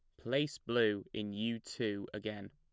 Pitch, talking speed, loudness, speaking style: 105 Hz, 155 wpm, -37 LUFS, plain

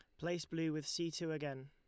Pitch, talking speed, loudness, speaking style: 160 Hz, 245 wpm, -41 LUFS, Lombard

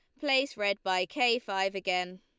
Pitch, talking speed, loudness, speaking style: 200 Hz, 180 wpm, -29 LUFS, Lombard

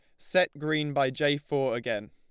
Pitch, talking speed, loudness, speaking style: 145 Hz, 190 wpm, -28 LUFS, Lombard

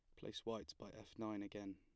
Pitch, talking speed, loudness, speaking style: 105 Hz, 230 wpm, -50 LUFS, plain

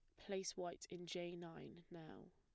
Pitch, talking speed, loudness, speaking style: 175 Hz, 170 wpm, -50 LUFS, plain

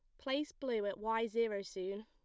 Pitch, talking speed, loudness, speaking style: 225 Hz, 195 wpm, -38 LUFS, plain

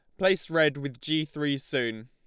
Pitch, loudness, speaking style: 150 Hz, -27 LUFS, Lombard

